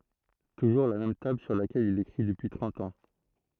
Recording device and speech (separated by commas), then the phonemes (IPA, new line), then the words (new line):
throat microphone, read sentence
tuʒuʁ la mɛm tabl syʁ lakɛl il ekʁi dəpyi tʁɑ̃t ɑ̃
Toujours la même table sur laquelle il écrit depuis trente ans.